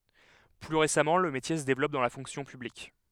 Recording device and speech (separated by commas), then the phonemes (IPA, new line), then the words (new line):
headset microphone, read sentence
ply ʁesamɑ̃ lə metje sə devlɔp dɑ̃ la fɔ̃ksjɔ̃ pyblik
Plus récemment, le métier se développe dans la fonction publique.